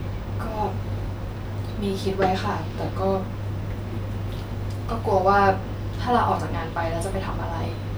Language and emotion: Thai, sad